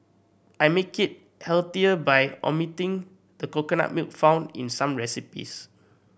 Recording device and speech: boundary microphone (BM630), read sentence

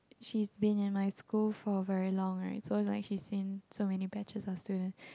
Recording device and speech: close-talking microphone, conversation in the same room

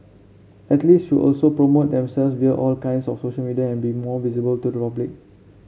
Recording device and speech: mobile phone (Samsung C7), read sentence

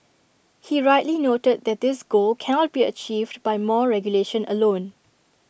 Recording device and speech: boundary microphone (BM630), read sentence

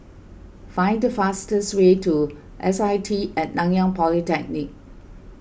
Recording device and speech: boundary microphone (BM630), read sentence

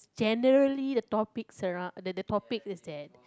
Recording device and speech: close-talking microphone, conversation in the same room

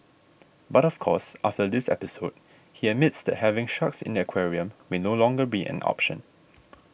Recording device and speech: boundary microphone (BM630), read sentence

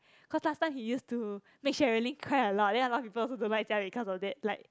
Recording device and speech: close-talking microphone, conversation in the same room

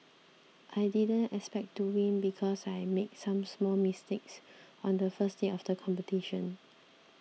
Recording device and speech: mobile phone (iPhone 6), read sentence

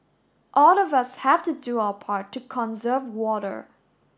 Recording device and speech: standing microphone (AKG C214), read sentence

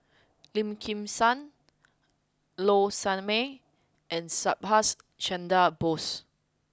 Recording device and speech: close-talking microphone (WH20), read sentence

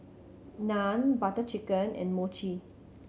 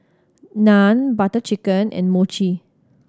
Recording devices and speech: mobile phone (Samsung C7100), standing microphone (AKG C214), read sentence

